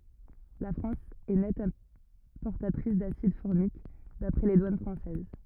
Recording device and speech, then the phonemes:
rigid in-ear microphone, read sentence
la fʁɑ̃s ɛ nɛt ɛ̃pɔʁtatʁis dasid fɔʁmik dapʁɛ le dwan fʁɑ̃sɛz

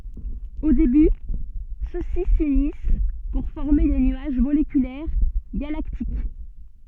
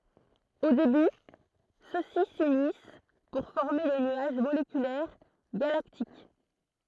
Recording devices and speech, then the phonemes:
soft in-ear microphone, throat microphone, read sentence
o deby sø si synis puʁ fɔʁme de nyaʒ molekylɛʁ ɡalaktik

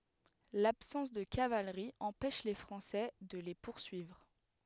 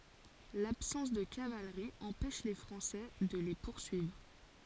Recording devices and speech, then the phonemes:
headset microphone, forehead accelerometer, read sentence
labsɑ̃s də kavalʁi ɑ̃pɛʃ le fʁɑ̃sɛ də le puʁsyivʁ

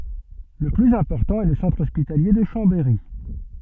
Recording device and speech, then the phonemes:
soft in-ear microphone, read sentence
lə plyz ɛ̃pɔʁtɑ̃ ɛ lə sɑ̃tʁ ɔspitalje də ʃɑ̃bɛʁi

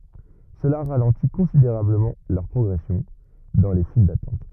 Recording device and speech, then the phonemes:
rigid in-ear microphone, read sentence
səla ʁalɑ̃ti kɔ̃sideʁabləmɑ̃ lœʁ pʁɔɡʁɛsjɔ̃ dɑ̃ le fil datɑ̃t

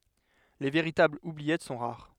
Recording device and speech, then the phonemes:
headset microphone, read sentence
le veʁitablz ubliɛt sɔ̃ ʁaʁ

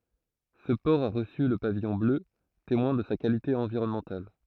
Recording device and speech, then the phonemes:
throat microphone, read sentence
sə pɔʁ a ʁəsy lə pavijɔ̃ blø temwɛ̃ də sa kalite ɑ̃viʁɔnmɑ̃tal

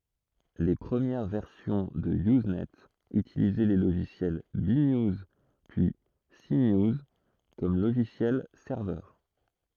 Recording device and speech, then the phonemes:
throat microphone, read sentence
le pʁəmjɛʁ vɛʁsjɔ̃ də yznɛ ytilizɛ le loʒisjɛl be njuz pyi se njuz kɔm loʒisjɛl sɛʁvœʁ

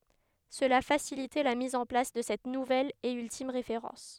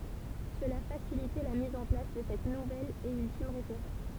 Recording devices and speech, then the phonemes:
headset microphone, temple vibration pickup, read sentence
səla fasilitɛ la miz ɑ̃ plas də sɛt nuvɛl e yltim ʁefeʁɑ̃s

